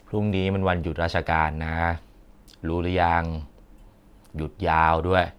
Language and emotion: Thai, frustrated